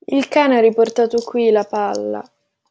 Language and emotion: Italian, sad